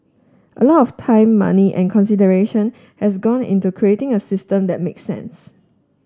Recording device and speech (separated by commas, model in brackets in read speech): standing microphone (AKG C214), read sentence